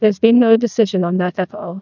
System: TTS, neural waveform model